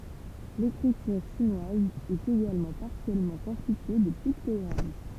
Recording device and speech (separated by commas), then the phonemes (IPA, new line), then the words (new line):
temple vibration pickup, read sentence
lekʁityʁ ʃinwaz ɛt eɡalmɑ̃ paʁsjɛlmɑ̃ kɔ̃stitye də piktɔɡʁam
L'écriture chinoise est également partiellement constituée de pictogrammes.